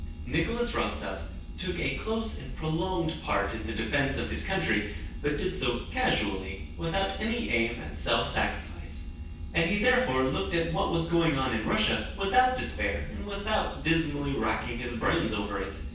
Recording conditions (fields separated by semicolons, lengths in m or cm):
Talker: one person; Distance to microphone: 9.8 m; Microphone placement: far; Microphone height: 1.8 m; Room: large; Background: none